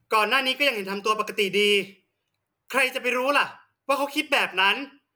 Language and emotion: Thai, angry